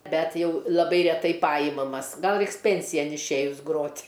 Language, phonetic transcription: Lithuanian, ˈbet ˈjau laˈbai reˈtai ˈpajimamas ˈgal ˈreiks ˈpensijan išˈėjus ˈgrot'

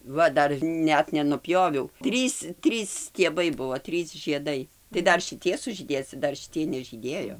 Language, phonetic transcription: Lithuanian, ˈva ˈdar ˈnet nenuˈpjoviau ˈtrys ˈtrys stieˈbai ˈbuvo ˈtrys žieˈdai tai ˈdar šiˈtie sužyˈdės ca ˈdar šiˈtiej nežyˈdėjo

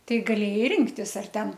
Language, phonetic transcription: Lithuanian, ˈtai gaˈlėjai ˈrinktis ar ˈten

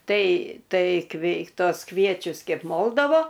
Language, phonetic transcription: Lithuanian, ˈtai ˈtai ˈkvei ˈtos ˈkviečius ˈkeip ˈmoldavo

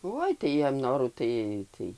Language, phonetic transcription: Lithuanian, ˈoi tai ˈjiem ˈnorų ˈtai ˈtai

